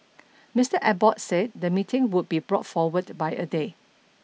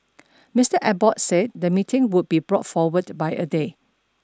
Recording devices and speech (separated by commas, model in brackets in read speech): mobile phone (iPhone 6), standing microphone (AKG C214), read sentence